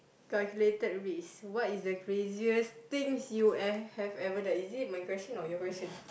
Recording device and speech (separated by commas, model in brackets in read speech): boundary microphone, conversation in the same room